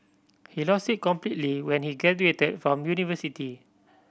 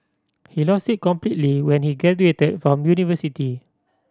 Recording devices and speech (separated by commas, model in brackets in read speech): boundary microphone (BM630), standing microphone (AKG C214), read sentence